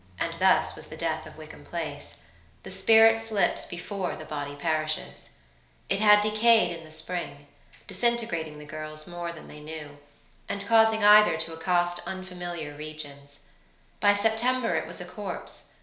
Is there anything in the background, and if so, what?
Nothing.